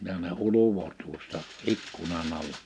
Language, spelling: Finnish, ja ne ulvoi tuosta ikkunan alla
- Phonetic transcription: ja ne "uluvo tuosta , 'ikkunan ‿alla .

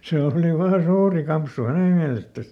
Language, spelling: Finnish, se oli se oli vain suuri kampsu hänen mielestään
- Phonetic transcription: ˈsee òli , ˈse ˈooli ˈvaa ˈsuuri "kampsu ˈhäne miälestäs .

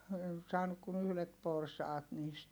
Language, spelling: Finnish, en saanut kuin yhdet porsaat niistä
- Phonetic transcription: en saanuk kun ‿yhlet porsaat niist .

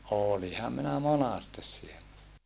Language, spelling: Finnish, olinhan minä monasti siellä
- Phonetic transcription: òliham minä monastes siellä .

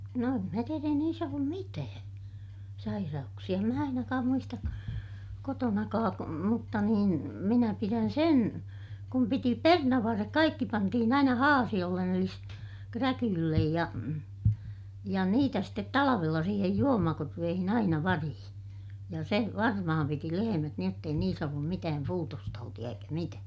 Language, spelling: Finnish, no en minä tiedä ei niissä ollut mitään sairauksia en minä ainakaan muista kotonakaan mutta niin minä pidän sen kun piti perunanvarret kaikki pantiin aina haasiolle eli sitten kräkylle ja ja niitä sitten talvella siihen juomakorveeseen aina variin ja se varmaan piti lehmät niin jotta ei niissä ollut mitään puutostautia eikä mitään
- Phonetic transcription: no em mä tier ‿ei niis ‿ollum mitää , sairauksi₍a - em mä ainakaam muistak- , kotonakaak- , mutta nin , minä pirän sen , kum piti pernavvarrek kaikki - pantihin ‿aina haasiʲollen eli ste , kräkyllej ja , ja niitä stet talavella siihej juomakorveehin ‿aina varihiḭ , ja se , varmaham piti lehemät niij jott ‿ei niis ‿ollum mitääm puutostautiʲa eikä mitää .

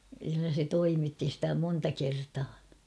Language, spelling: Finnish, kyllä se toimitti sitä monta kertaa
- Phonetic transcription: kyllä se 'toimitti stä 'monta 'kertaa .

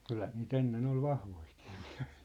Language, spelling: Finnish, kyllähän niitä ennen oli vahvojakin miehiä
- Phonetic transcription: 'kylhä nii't ‿enne'n ‿ol 'vahvoikɪɪ ᴍɪᴀ̭̈hɪɪ .

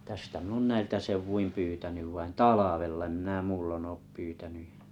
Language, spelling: Finnish, tästä minä olen näiltä seuduin pyytänyt vain talvella en minä muulloin ole pyytänyt ja
- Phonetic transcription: 'tästä min ‿on "näiltä 'seuvvuim 'pyytänyv vain "talavella ᵉm minä "muullonn ‿op 'pyytänyj ᴊᴀ̈ .

